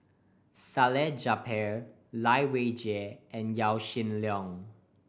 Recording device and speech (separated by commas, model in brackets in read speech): boundary microphone (BM630), read sentence